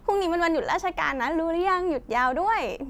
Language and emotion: Thai, happy